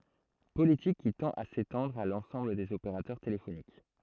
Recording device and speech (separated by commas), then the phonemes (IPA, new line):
throat microphone, read sentence
politik ki tɑ̃t a setɑ̃dʁ a lɑ̃sɑ̃bl dez opeʁatœʁ telefonik